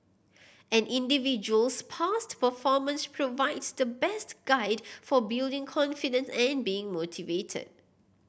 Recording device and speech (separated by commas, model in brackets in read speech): boundary microphone (BM630), read sentence